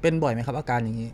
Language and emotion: Thai, neutral